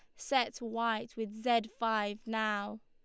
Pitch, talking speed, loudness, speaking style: 225 Hz, 135 wpm, -34 LUFS, Lombard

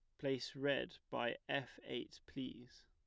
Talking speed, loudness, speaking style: 135 wpm, -43 LUFS, plain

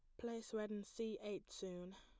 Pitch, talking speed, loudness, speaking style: 210 Hz, 205 wpm, -48 LUFS, plain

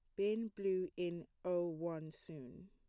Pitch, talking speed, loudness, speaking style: 180 Hz, 145 wpm, -41 LUFS, plain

